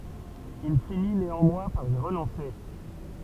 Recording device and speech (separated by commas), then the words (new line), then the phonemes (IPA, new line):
temple vibration pickup, read sentence
Il finit néanmoins par y renoncer.
il fini neɑ̃mwɛ̃ paʁ i ʁənɔ̃se